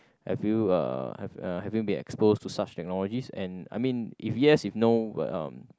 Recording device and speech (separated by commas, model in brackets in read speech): close-talking microphone, conversation in the same room